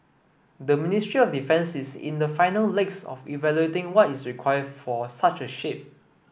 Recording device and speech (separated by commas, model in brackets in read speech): boundary microphone (BM630), read sentence